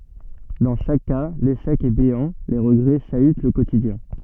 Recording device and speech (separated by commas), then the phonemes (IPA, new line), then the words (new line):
soft in-ear microphone, read sentence
dɑ̃ ʃak ka leʃɛk ɛ beɑ̃ le ʁəɡʁɛ ʃayt lə kotidjɛ̃
Dans chaque cas, l'échec est béant, les regrets chahutent le quotidien.